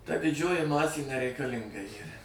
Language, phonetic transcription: Lithuanian, ta diˈdžioji ˈmasė nereikaˈlinga ˈyra

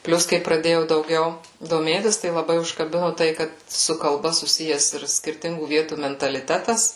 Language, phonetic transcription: Lithuanian, ˈplius kai praˈdėjau dauˈgiau doˈmėtis tai laˈbai užkaˈbinu ˈtai ˈkad su kalˈba suˈsijes ir skirˈtingų ˈvietų mentaliˈtetas

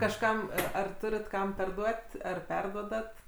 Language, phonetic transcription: Lithuanian, kažˈkam a ar ˈturit ˈkam perˈduot' ˈar ˈperduodat

